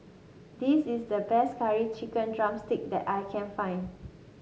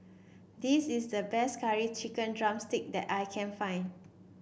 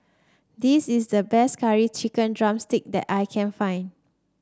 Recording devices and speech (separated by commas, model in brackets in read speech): mobile phone (Samsung S8), boundary microphone (BM630), standing microphone (AKG C214), read sentence